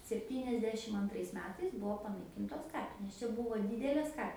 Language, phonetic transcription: Lithuanian, sepˈtyniasdešim anˈtrais ˈmetais ˈbuvo panaiˈkintos ˈkapinės ˈčia ˈbuvo ˈdydelės ˈka

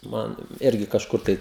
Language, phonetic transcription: Lithuanian, ˈman ˈirgi kažˈkur tai

